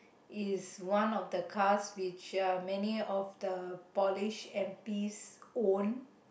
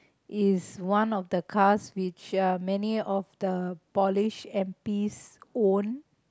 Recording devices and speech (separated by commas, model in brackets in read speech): boundary microphone, close-talking microphone, conversation in the same room